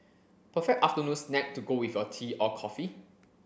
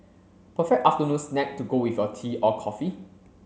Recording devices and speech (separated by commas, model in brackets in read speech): boundary microphone (BM630), mobile phone (Samsung C7), read sentence